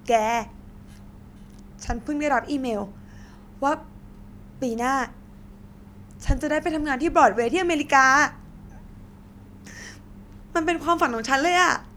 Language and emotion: Thai, happy